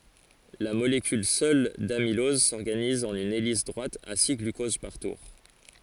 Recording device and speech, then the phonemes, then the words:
forehead accelerometer, read sentence
la molekyl sœl damilɔz sɔʁɡaniz ɑ̃n yn elis dʁwat a si ɡlykoz paʁ tuʁ
La molécule seule d'amylose s'organise en une hélice droite à six glucoses par tour.

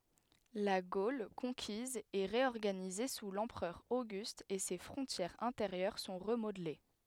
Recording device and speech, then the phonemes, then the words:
headset microphone, read sentence
la ɡol kɔ̃kiz ɛ ʁeɔʁɡanize su lɑ̃pʁœʁ oɡyst e se fʁɔ̃tjɛʁz ɛ̃teʁjœʁ sɔ̃ ʁəmodle
La Gaule conquise est réorganisée sous l’empereur Auguste et ses frontières intérieures sont remodelées.

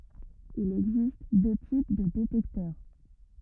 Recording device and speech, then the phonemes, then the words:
rigid in-ear microphone, read sentence
il ɛɡzist dø tip də detɛktœʁ
Il existe deux types de détecteur.

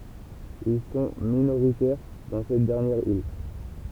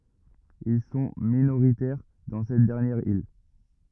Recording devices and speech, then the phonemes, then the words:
temple vibration pickup, rigid in-ear microphone, read sentence
il sɔ̃ minoʁitɛʁ dɑ̃ sɛt dɛʁnjɛʁ il
Ils sont minoritaires dans cette dernière île.

